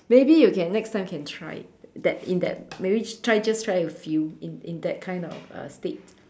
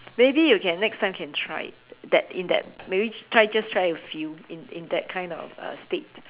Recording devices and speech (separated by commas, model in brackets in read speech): standing microphone, telephone, conversation in separate rooms